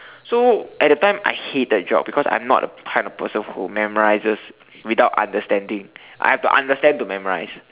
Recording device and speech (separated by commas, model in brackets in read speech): telephone, conversation in separate rooms